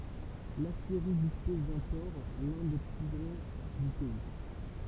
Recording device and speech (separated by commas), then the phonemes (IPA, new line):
temple vibration pickup, read sentence
lasjeʁi dispɔz dœ̃ pɔʁ lœ̃ de ply ɡʁɑ̃ dy pɛi